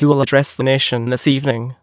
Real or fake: fake